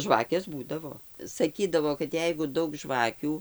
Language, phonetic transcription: Lithuanian, ˈžvakės ˈbūdavo saˈkydavo kad ˈjeigu ˈdaug ˈžvakių

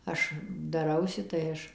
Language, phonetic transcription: Lithuanian, ˈaš daˈrausi tai ˈaš

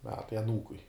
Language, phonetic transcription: Lithuanian, ˈmetai aˈnūkui

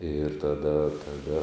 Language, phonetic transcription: Lithuanian, ir taˈda taˈda

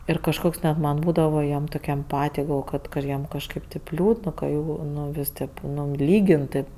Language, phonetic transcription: Lithuanian, ir kažˈkoks net man ˈbūdavo jiem toˈk' emˈpatij galˈvojo kad ˈjiem kažˈkaip taip ˈliūdn ka ˈjų ˈnu ˈvis' tėp ˈnu ˈlygin tėp

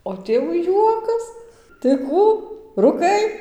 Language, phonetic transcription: Lithuanian, o ˈtėvu ˈjuokas tai ˈkų rūˈkai

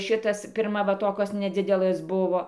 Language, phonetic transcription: Lithuanian, ˈšitas pirˈma ˈva ˈtokos neˈdzidelɘs ˈbuvo

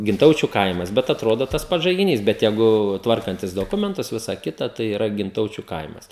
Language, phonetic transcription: Lithuanian, ginˈtaučiu ˈkaimas bet atˈrodo tas ˈpats žaigiˈnys bet ˈjeigu ˈtvarkantis doˈkumentus ˈvisa ˈkita ˈtai yˈra ginˈtaučiu ˈkaimas

